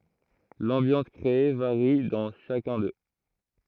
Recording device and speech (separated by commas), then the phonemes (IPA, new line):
throat microphone, read sentence
lɑ̃bjɑ̃s kʁee vaʁi dɑ̃ ʃakœ̃ dø